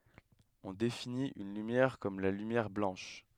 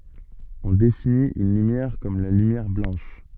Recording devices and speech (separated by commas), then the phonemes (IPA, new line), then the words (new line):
headset microphone, soft in-ear microphone, read sentence
ɔ̃ definit yn lymjɛʁ kɔm la lymjɛʁ blɑ̃ʃ
On définit une lumière comme la lumière blanche.